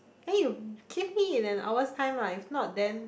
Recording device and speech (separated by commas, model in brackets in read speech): boundary microphone, conversation in the same room